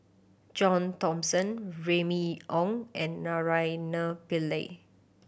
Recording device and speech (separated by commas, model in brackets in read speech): boundary microphone (BM630), read sentence